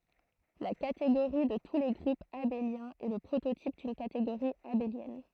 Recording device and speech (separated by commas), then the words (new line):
throat microphone, read sentence
La catégorie de tous les groupes abéliens est le prototype d'une catégorie abélienne.